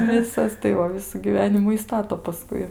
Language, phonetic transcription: Lithuanian, ˈvisas tai ˈva ˈvisų gyˈvenimu i ˈstato paˈskui

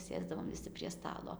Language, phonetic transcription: Lithuanian, ˈsėsdavom viˈsi prie ˈstalo

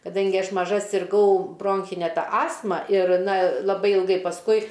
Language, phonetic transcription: Lithuanian, kaˈdangi ˈaš maˈža sirˈgau ˈbronchine ˈta ˈastma ir ˈna laˈbai ilˈgai pasˈkui

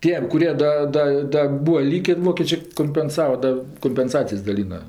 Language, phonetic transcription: Lithuanian, ˈtiem kuˈrie ˈda ˈda ˈda ˈbūa ˈlykė ˈvokėčė kompenˈsava ˈda kompenˈsacijas daˈlyna

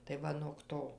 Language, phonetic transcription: Lithuanian, tai ˈva nog ˈto

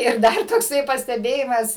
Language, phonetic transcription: Lithuanian, ir ˈdar tokˈsai pasteˈbėjimas

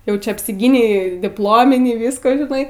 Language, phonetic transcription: Lithuanian, ˈjau ˈčia apsiˈgynei dipˈlominį ˈvisko žiˈnai

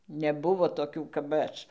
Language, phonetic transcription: Lithuanian, neˈbuvo toˈkių kap ˈaš

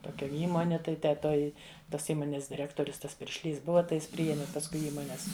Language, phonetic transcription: Lithuanian, toˈkia ˈįmoni ˈtai te ˈtoj ˈtos ˈįmonės diˈrektorius ˈtas piršˈlys ˈbuva tai ˈjis priˈjemi pasˈkui ˈįmones

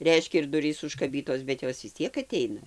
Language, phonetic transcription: Lithuanian, ˈreiškia ir ˈdurys užkaˈbytos bet ˈjos vis ˈtiek aˈteina

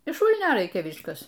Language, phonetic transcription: Lithuanian, iš ˈšūlnio ˈraikia ˈviskas

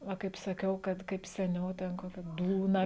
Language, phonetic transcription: Lithuanian, ˈva kaip saˈkiau ˈkad kaip seˈniau ˈten ˈkokia ˈdūna

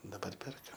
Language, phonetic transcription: Lithuanian, daˈbar ˈperkam

